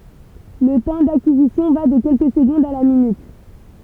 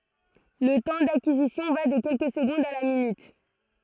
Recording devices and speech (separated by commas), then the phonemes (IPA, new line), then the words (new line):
temple vibration pickup, throat microphone, read sentence
lə tɑ̃ dakizisjɔ̃ va də kɛlkə səɡɔ̃dz a la minyt
Le temps d'acquisition va de quelques secondes à la minute.